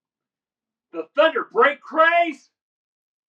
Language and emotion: English, surprised